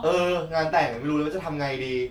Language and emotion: Thai, frustrated